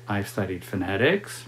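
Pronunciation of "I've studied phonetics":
'I've studied phonetics' is said here in a way that is not typical.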